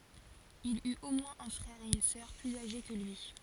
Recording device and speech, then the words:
forehead accelerometer, read sentence
Il eut au moins un frère et une sœur plus âgés que lui.

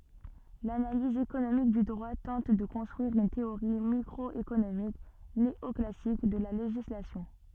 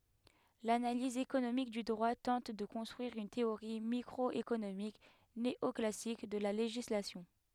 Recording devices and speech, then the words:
soft in-ear microphone, headset microphone, read sentence
L'analyse économique du droit tente de construire une théorie microéconomique néoclassique de la législation.

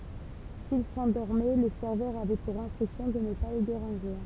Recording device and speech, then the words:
temple vibration pickup, read sentence
S'ils s'endormaient, les serveurs avaient pour instruction de ne pas les déranger.

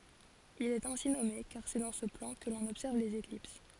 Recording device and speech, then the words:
forehead accelerometer, read sentence
Il est ainsi nommé car c'est dans ce plan que l'on observe les éclipses.

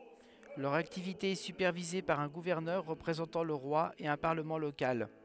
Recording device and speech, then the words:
headset microphone, read sentence
Leur activité est supervisée par un gouverneur représentant le roi et un Parlement local.

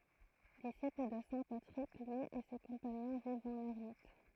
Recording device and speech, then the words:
throat microphone, read sentence
Disciples de saint Patrick, lui et ses compagnons vivent en ermites.

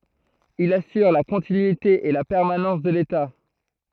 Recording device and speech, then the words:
throat microphone, read sentence
Il assure la continuité et la permanence de l’État.

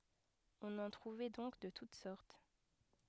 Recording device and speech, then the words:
headset microphone, read sentence
On en trouvait donc de toutes sortes.

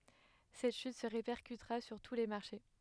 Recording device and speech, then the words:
headset microphone, read sentence
Cette chute se répercutera sur tous les marchés.

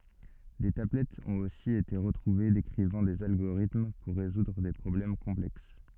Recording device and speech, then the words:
soft in-ear microphone, read sentence
Des tablettes ont aussi été retrouvées décrivant des algorithmes pour résoudre des problèmes complexes.

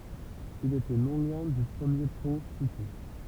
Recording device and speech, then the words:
temple vibration pickup, read sentence
Il était non loin du premier pont cité.

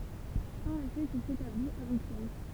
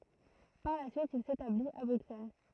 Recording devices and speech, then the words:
temple vibration pickup, throat microphone, read sentence
Par la suite, il s'établit à Bruxelles.

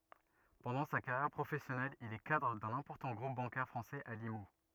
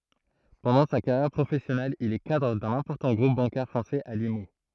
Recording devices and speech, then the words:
rigid in-ear microphone, throat microphone, read sentence
Pendant sa carrière professionnelle, il est cadre d'un important groupe bancaire français à Limoux.

